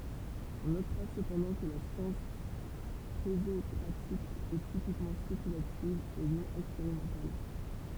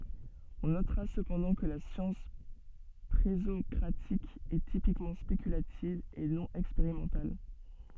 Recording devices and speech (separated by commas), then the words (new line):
temple vibration pickup, soft in-ear microphone, read sentence
On notera cependant que la science présocratique est typiquement spéculative et non expérimentale.